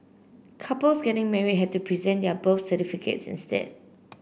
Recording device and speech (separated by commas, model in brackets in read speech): boundary microphone (BM630), read sentence